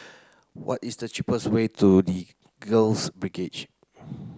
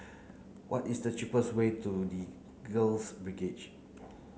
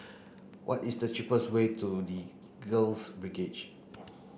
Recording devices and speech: close-talking microphone (WH30), mobile phone (Samsung C9), boundary microphone (BM630), read sentence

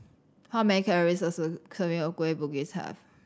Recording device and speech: standing microphone (AKG C214), read sentence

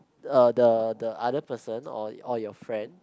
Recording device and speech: close-talking microphone, conversation in the same room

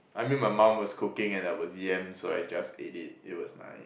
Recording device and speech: boundary microphone, conversation in the same room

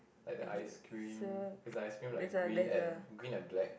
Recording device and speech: boundary microphone, conversation in the same room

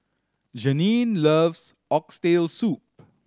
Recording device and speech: standing microphone (AKG C214), read sentence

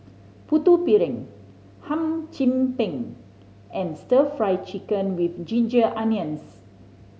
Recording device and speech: mobile phone (Samsung C5010), read sentence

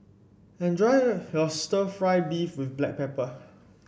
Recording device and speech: boundary microphone (BM630), read sentence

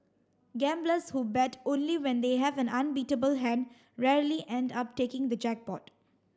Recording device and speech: standing microphone (AKG C214), read sentence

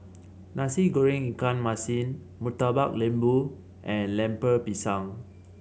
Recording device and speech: mobile phone (Samsung C7), read sentence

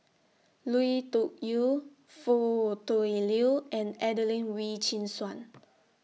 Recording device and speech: mobile phone (iPhone 6), read sentence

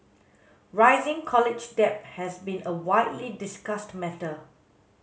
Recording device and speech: mobile phone (Samsung S8), read sentence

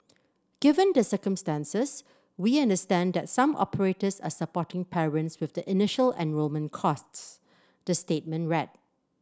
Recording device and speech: standing microphone (AKG C214), read sentence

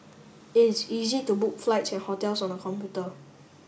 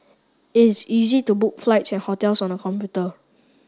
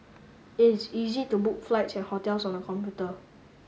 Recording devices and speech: boundary microphone (BM630), standing microphone (AKG C214), mobile phone (Samsung S8), read sentence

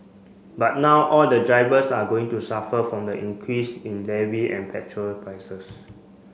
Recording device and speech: mobile phone (Samsung C5), read sentence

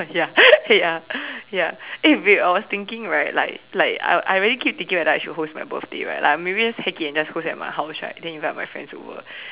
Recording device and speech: telephone, conversation in separate rooms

